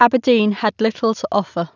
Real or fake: real